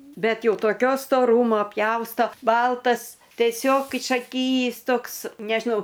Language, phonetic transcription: Lithuanian, ˈbet ˈjau toˈkio stoˈrūmo ˈpjausto ˈbaltas teˈsiog išaˈkyjįs ˈtoks nežiˈnau

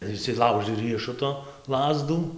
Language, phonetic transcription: Lithuanian, ir išsiˈlaužɨ ˈriešuto ˈlazdų

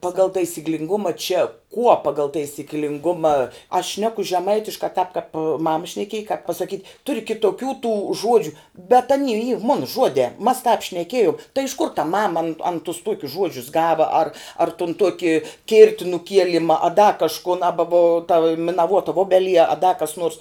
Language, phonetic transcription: Lithuanian, ˈpagal taisyklinˈguma čia kuo ˈpagal taisyklinˈguma aš ˈšneku žeˈmaitiškā tāp kap ˈmama šneˈkiej kāp pasaˈkyt' ˈturi kitoˈkių tų ˈžuodžiu bet aˈny yr ˈmuna ˈžuodē mas tāp šneˈkėjum tai iš kur ta ˈmama an an tus ˈtuokius ˈžuodžius ˈgava ar ar tun ˈtuoki ˈkirti nuˈkielima a da kažˈkun ˈaba vo ta minaˈvuota ˈvobeˌlie a da kas nurs

